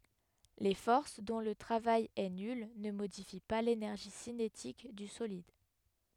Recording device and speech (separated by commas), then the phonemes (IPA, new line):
headset microphone, read sentence
le fɔʁs dɔ̃ lə tʁavaj ɛ nyl nə modifi pa lenɛʁʒi sinetik dy solid